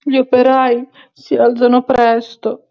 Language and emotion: Italian, sad